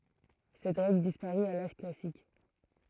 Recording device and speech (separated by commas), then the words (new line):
throat microphone, read sentence
Cette règle disparut à l'âge classique.